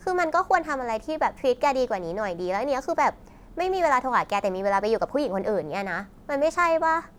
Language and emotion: Thai, frustrated